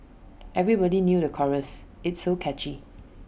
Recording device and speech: boundary microphone (BM630), read sentence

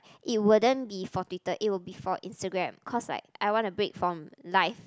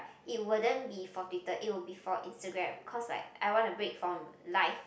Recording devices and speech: close-talking microphone, boundary microphone, conversation in the same room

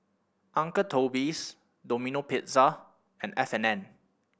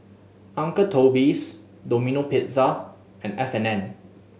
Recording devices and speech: boundary microphone (BM630), mobile phone (Samsung S8), read sentence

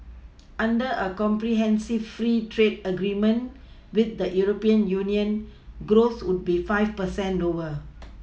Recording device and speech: mobile phone (iPhone 6), read sentence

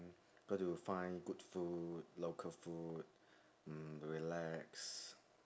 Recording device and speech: standing microphone, conversation in separate rooms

